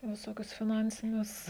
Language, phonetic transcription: Lithuanian, viˈsokius fiˈnansinius

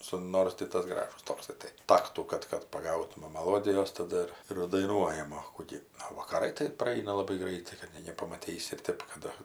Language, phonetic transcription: Lithuanian, ˈsu ˈnors ti ˈtas ˈgražus ˈtoksai tai ˈtaktų ˈkad kad paˈgautuma maˈlodijos taˈdu ir ir daiˈnuojam o ˈku gi o vakaˈrai tai praˈaina laˈbai ˈgraitai kad ˈnei nepamaˈtysi ir ˈtėp ka ˈdu

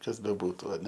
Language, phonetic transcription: Lithuanian, ˈkas beˈbūtu aˈne

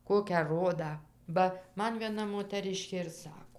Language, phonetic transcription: Lithuanian, ˈkokią ˈrodą ˈba ˈman vieˈna motaˈriškė ir ˈsako

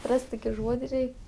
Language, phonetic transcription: Lithuanian, ˈras't' ˈtoki ˈžuodi ˈrei

